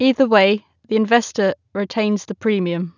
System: none